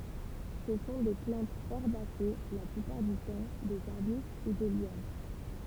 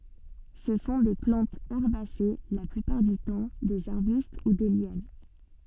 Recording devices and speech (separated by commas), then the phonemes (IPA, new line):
temple vibration pickup, soft in-ear microphone, read sentence
sə sɔ̃ de plɑ̃tz ɛʁbase la plypaʁ dy tɑ̃ dez aʁbyst u de ljan